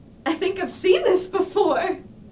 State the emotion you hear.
happy